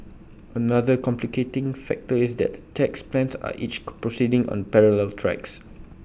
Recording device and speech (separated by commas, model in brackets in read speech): boundary microphone (BM630), read sentence